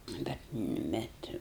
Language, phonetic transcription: Lithuanian, ˈnu bet ˈbet

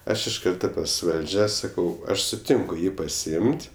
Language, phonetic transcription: Lithuanian, ˈaš iš ˈkarto pas ˈvaldžia ˈsakau ˈaš suˈtinku ˈjį pasiˈim't'

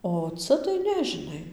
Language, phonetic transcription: Lithuanian, o ˈca tai ˈne žiˈnai

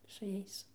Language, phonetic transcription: Lithuanian, su ˈjais

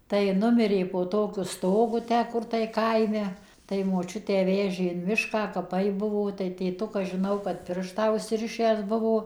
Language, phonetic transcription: Lithuanian, tai ˈnumirė po ˈtokiu ˈstogu ˈtę ˈkur tai ˈkaime tai moˈčiutę ˈvežė in ˈmišką kaˈpai ˈbuvo tai tėˈtukas žiˈnau kad ˈpirštą užsiˈrišęs ˈbuvo

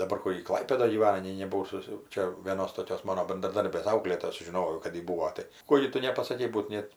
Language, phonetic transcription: Lithuanian, daˈbar ˈkur ji ˈklaipėdoj gyˈvana nei nebuˈvau ˈsus jau ˈčia vėˈnos toˈkios ˈmano bendraˈdarbės ˈauklėtoja suˈžinojau kad ˈji ˈbūo ˈtai ˈko gi ˈtu nepasaˈkei ˈbūt ˈnėt

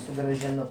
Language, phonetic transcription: Lithuanian, sugražiˈnu

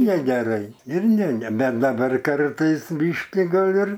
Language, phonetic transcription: Lithuanian, negeˈrai ir ne ˈne ˈbet daˈbar ˈkartais ˈbyški ˈgal' ir

